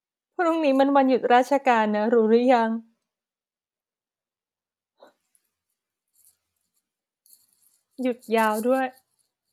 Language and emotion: Thai, sad